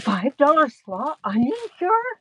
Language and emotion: English, fearful